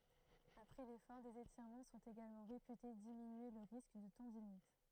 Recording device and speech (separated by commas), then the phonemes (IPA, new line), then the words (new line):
throat microphone, read sentence
apʁɛ lefɔʁ dez etiʁmɑ̃ sɔ̃t eɡalmɑ̃ ʁepyte diminye lə ʁisk də tɑ̃dinit
Après l’effort, des étirements sont également réputés diminuer le risque de tendinite.